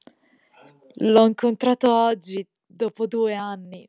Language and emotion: Italian, sad